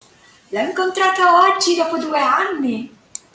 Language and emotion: Italian, happy